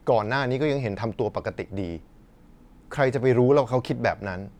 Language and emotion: Thai, neutral